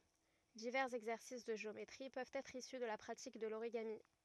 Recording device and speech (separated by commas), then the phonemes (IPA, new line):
rigid in-ear microphone, read sentence
divɛʁz ɛɡzɛʁsis də ʒeometʁi pøvt ɛtʁ isy də la pʁatik də loʁiɡami